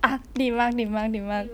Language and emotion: Thai, happy